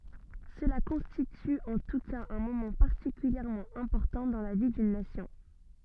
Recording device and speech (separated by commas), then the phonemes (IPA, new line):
soft in-ear microphone, read sentence
səla kɔ̃stity ɑ̃ tu kaz œ̃ momɑ̃ paʁtikyljɛʁmɑ̃ ɛ̃pɔʁtɑ̃ dɑ̃ la vi dyn nasjɔ̃